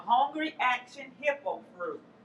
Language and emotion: English, fearful